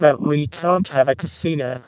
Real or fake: fake